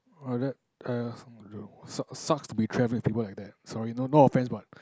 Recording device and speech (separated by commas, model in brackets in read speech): close-talking microphone, conversation in the same room